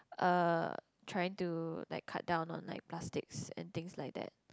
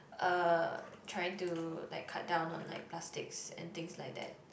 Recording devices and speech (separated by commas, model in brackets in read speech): close-talking microphone, boundary microphone, conversation in the same room